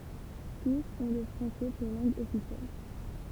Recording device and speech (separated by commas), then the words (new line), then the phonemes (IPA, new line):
temple vibration pickup, read sentence
Tous ont le français pour langue officielle.
tus ɔ̃ lə fʁɑ̃sɛ puʁ lɑ̃ɡ ɔfisjɛl